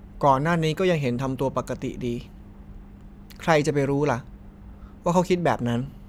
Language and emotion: Thai, frustrated